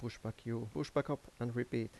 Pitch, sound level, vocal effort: 120 Hz, 81 dB SPL, soft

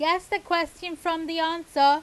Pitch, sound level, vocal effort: 330 Hz, 95 dB SPL, very loud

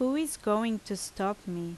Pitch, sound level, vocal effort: 210 Hz, 81 dB SPL, normal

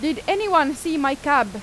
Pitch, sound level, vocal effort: 305 Hz, 94 dB SPL, very loud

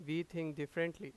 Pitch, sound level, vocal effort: 165 Hz, 91 dB SPL, loud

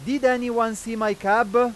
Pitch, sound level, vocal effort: 235 Hz, 101 dB SPL, very loud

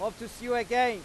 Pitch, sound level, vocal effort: 235 Hz, 102 dB SPL, very loud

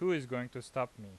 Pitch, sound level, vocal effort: 125 Hz, 90 dB SPL, normal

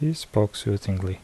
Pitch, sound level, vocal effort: 105 Hz, 71 dB SPL, soft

